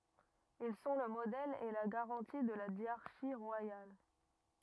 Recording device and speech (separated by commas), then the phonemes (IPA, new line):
rigid in-ear microphone, read sentence
il sɔ̃ lə modɛl e la ɡaʁɑ̃ti də la djaʁʃi ʁwajal